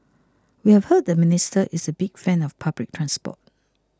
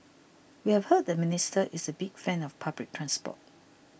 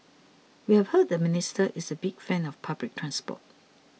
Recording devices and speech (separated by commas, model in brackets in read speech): close-talking microphone (WH20), boundary microphone (BM630), mobile phone (iPhone 6), read sentence